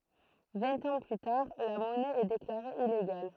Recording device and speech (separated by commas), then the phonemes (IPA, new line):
throat microphone, read sentence
vɛ̃t ɑ̃ ply taʁ la mɔnɛ ɛ deklaʁe ileɡal